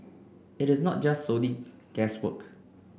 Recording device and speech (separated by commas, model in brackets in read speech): boundary microphone (BM630), read sentence